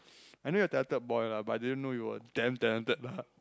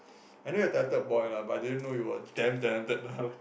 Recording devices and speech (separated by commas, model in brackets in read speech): close-talking microphone, boundary microphone, conversation in the same room